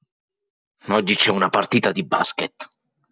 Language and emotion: Italian, angry